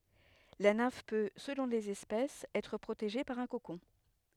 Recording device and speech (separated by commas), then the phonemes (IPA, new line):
headset microphone, read sentence
la nɛ̃f pø səlɔ̃ lez ɛspɛsz ɛtʁ pʁoteʒe paʁ œ̃ kokɔ̃